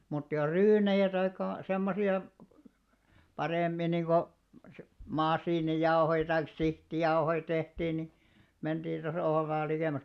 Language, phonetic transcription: Finnish, mut jos 'ryynejä taik̆§ka , 'semmosi₍a , paremmi , niiko "masiinijaohoi taik "sihtijauhoi tehtiin ni , 'menᴅiin (ᴅosa tohov vaal) likèm̆mäks .
- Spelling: mutta jos ryynejä tai semmoisia paremmin niin kuin masiinijauhoja tai sihtijauhoja tehtiin niin mentiin osa tuohon vain likemmäksi

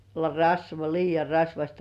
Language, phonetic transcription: Finnish, (se ‿o) rasva- 'liijja rasvaśta .
- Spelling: se on - liian rasvaista

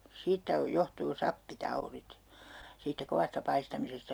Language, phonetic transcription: Finnish, 'siittä o - 'johtuu 'sappi"taurit , siittä 'kovasta 'paistamisesta » .
- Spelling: siitä - johtuu sappitaudit siitä kovasta paistamisesta

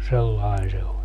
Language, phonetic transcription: Finnish, 'sellain 'se oĺ .
- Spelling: sellainen se oli

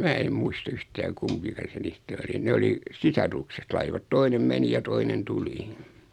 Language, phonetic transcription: Finnish, 'mää e 'muis"t ‿yhtää 'kumpika se 'niistä "oli 'ne oli , "sisarukset 'laivat 'toinem "meni ja 'toinen "tuli .
- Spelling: minä en muista yhtään kumpi se niistä oli ne oli sisarukset laivat toinen meni ja toinen tuli

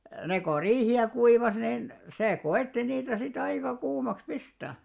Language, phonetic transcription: Finnish, ne ko "riihi₍ä 'kuivas nin , 'sè "ko₍ètti niitä si't ‿aika 'kuumaks 'pistä̀ .
- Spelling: ne kun riihiä kuivasi niin se koetti niitä sitten aika kuumaksi pistää

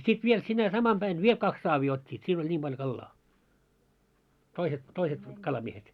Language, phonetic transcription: Finnish, ja 'sit 'viel sinä 'samam ʙäin "viel 'kaks 'saavii ot́t́iit 'siin ‿oĺ 'ńim ʙalʲᵒ 'kallaa , 'toiset , toiset 'kalamiehet .
- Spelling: ja sitten vielä sinä samana päivänä vielä kaksi saavia ottivat siinä oli niin paljon kalaa toiset toiset kalamiehet

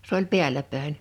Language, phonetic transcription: Finnish, s ‿ooĺ 'pi̬äĺä pä̀en .
- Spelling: se oli päällä päin

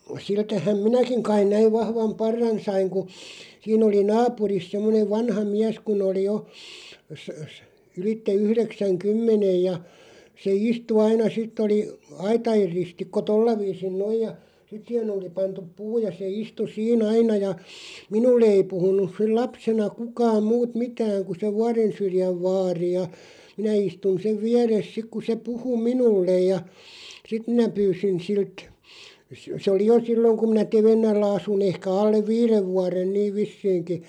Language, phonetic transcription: Finnish, 'siltähäm "minäkiŋ 'kain 'näiv 'vahvam "parran 'saiŋ ku , 'siin ‿oli "naapuris 'semmonev 'vanha "miäs kun ‿oli 'jo , sə- sə , 'ylitte 'yhreksäŋ"kymmenej ja , se 'istu 'aina "sitᵗ ‿oli , "aita₍er 'ristikko "tolla 'viisin "noiʲ ja , sit siihen ‿oli 'pantup "puu ja se 'istu "sii'n ‿aina ja , "minulle ei 'puhun̆nus sil "lapsena "kukaam 'muut "mitääŋ ku se "Vuarensyrjäv 'vaari ja , 'minä istun 'sev "viäres 'sik ku se 'puhu "minullej ja , 'sit minä 'pyysin 'silt , s- sᵉ oli 'jo "silloŋ kum minä "Tevennällä 'asu'n ‿ehkä 'allev "viirev 'vuaren "niiv 'vissiiŋki ,.
- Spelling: siltähän minäkin kai näin vahvan parran sain kun siinä oli naapurissa semmoinen vanha mies kun oli jo - - ylitse yhdeksänkymmenen ja se istui aina sitten oli aitojen ristikko tuolla viisin noin ja sitten siihen oli pantu puu ja se istui siinä aina ja minulle ei puhunut silloin lapsena kukaan muut mitään kuin se Vuorensyrjän vaari ja minä istuin sen vieressä sitten kun se puhui minulle ja sitten minä pyysin siltä - se oli jo silloin kun minä Tevennällä asuin ehkä alle viiden vuoden niin vissiinkin

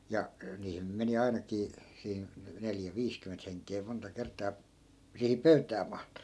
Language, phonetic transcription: Finnish, ja , 'niihin nym meni 'ainakii , siin , 'neljä "viiskymment heŋk̆kee monta 'kert̆taa , 'sihiŋ "pöytää mahtu .
- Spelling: ja niihin nyt meni ainakin siinä neljä viisikymmentä henkeä monta kertaa siihen pöytään mahtui

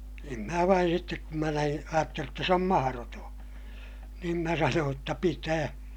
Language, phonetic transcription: Finnish, em mää vain sittek kum mä näin , ajattelij jotta s ‿om maharotoo̰ , niin mä sanooj jotta » pitää » .
- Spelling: en minä vain sitten kun minä näin ajattelin jotta se on mahdoton niin minä sanoin jotta pitää

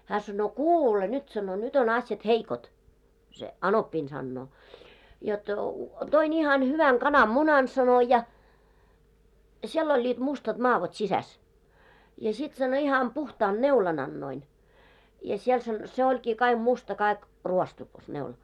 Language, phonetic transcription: Finnish, hää sannoo » "kuule nyt « sano » 'nyt ‿on ‿asjat 'heikot « , se 'anoppiin sannoo , » jot , 'toin ‿ihan 'hyväŋ 'kanam"munan « sano » ja , 'siel oĺĺiit mustat 'maavot 'sisäs , ja sit « sano » iham 'puhtaan 'neulan ‿annoin , ja siel « san- , » se 'oĺkii kaiɢ 'musta kaik , 'ruostukas neula « .
- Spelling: hän sanoo kuule nyt sanoi nyt on asiat heikot se anoppini sanoo jotta toin ihan hyvän kananmunan sanoi ja siellä olivat mustat madot sisässä ja sitten sanoi ihan puhtaan neulan annoin ja siellä - se olikin kaikki musta kaikki ruostukas neula

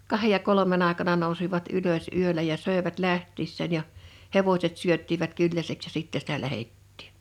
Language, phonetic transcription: Finnish, 'kahej ja 'kolomen ‿àekana nousivat 'ylös 'yölä ja 'sö̀evät 'lähttiissään ja , 'hevośet 'syöttivät 'kylläseks ja 'sittɛ sitä 'lähettɪɪɴ .
- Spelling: kahden ja kolmen aikana nousivat ylös yöllä ja söivät lähtiessään ja hevoset syöttivät kylläiseksi ja sitten sitä lähdettiin

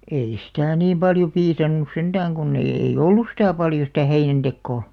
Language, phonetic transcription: Finnish, 'ei sitä̀ 'niim paljo 'piisannus 'senᴅääŋ ɢunn ‿eiʲ ‿ei"ʲ ‿ollus 'sitä̀ paljo sitä̀ 'heinän'ᴅekkoo .
- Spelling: ei sitä niin paljon piisannut sentään kun ei ei ollut sitä paljon sitä heinäntekoa

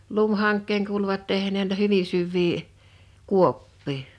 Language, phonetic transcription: Finnish, 'lumhaŋk̆keeŋ kuuluvat 'tehneen n(ui)ta 'hyvin syvvii , "kuoppii .
- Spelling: lumihankeen kuuluivat tehneen noita hyvin syviä kuoppia

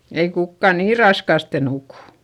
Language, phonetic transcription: Finnish, ei kukka nii raskàste nukù .
- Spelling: ei kukaan niin raskaasti nuku

